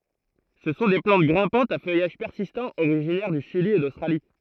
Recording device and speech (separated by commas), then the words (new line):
throat microphone, read sentence
Ce sont des plantes grimpantes à feuillage persistant originaires du Chili et d'Australie.